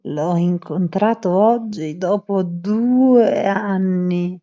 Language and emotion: Italian, disgusted